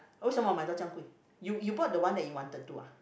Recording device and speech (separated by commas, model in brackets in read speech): boundary microphone, conversation in the same room